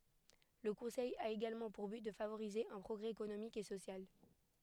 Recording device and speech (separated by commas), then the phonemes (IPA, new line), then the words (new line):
headset microphone, read sentence
lə kɔ̃sɛj a eɡalmɑ̃ puʁ byt də favoʁize œ̃ pʁɔɡʁɛ ekonomik e sosjal
Le Conseil a également pour but de favoriser un progrès économique et social.